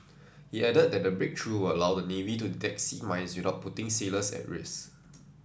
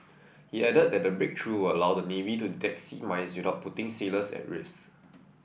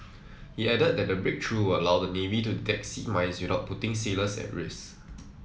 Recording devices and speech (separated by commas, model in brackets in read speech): standing microphone (AKG C214), boundary microphone (BM630), mobile phone (iPhone 7), read sentence